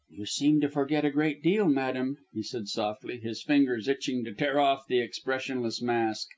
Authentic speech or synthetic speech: authentic